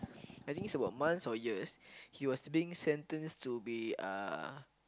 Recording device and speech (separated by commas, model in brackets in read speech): close-talking microphone, conversation in the same room